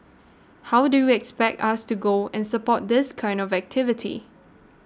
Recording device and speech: standing microphone (AKG C214), read sentence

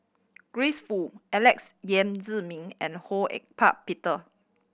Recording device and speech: boundary microphone (BM630), read sentence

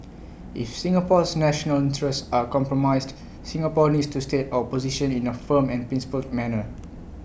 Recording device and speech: boundary microphone (BM630), read sentence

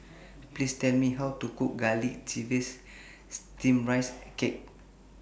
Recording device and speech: boundary microphone (BM630), read sentence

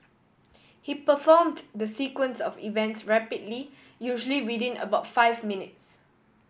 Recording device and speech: boundary microphone (BM630), read sentence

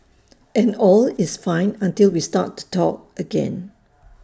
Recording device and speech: standing microphone (AKG C214), read sentence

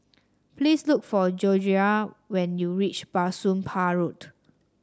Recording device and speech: standing microphone (AKG C214), read sentence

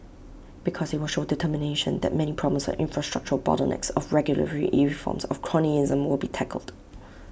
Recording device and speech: boundary microphone (BM630), read sentence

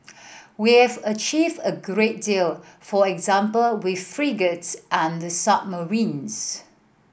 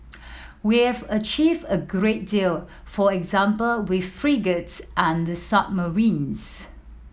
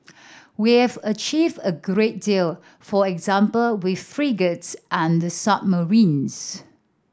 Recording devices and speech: boundary microphone (BM630), mobile phone (iPhone 7), standing microphone (AKG C214), read sentence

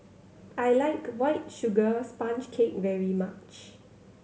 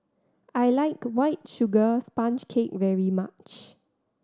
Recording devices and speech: mobile phone (Samsung C7100), standing microphone (AKG C214), read sentence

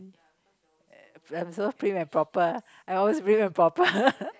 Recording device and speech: close-talking microphone, conversation in the same room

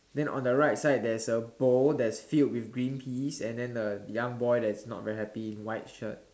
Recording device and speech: standing microphone, conversation in separate rooms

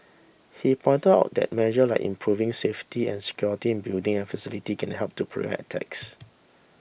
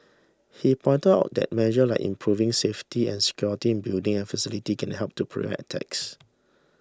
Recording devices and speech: boundary microphone (BM630), standing microphone (AKG C214), read sentence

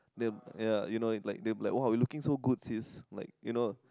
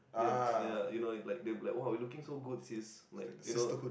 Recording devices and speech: close-talking microphone, boundary microphone, conversation in the same room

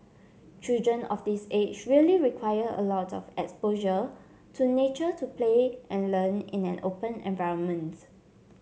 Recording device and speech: mobile phone (Samsung C7), read sentence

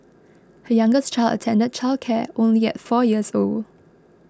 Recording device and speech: close-talking microphone (WH20), read sentence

